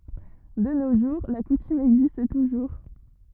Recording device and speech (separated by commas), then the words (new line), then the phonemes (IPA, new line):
rigid in-ear microphone, read sentence
De nos jours, la coutume existe toujours.
də no ʒuʁ la kutym ɛɡzist tuʒuʁ